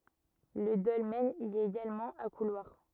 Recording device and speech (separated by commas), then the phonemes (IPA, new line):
rigid in-ear microphone, read sentence
lə dɔlmɛn i ɛt eɡalmɑ̃ a kulwaʁ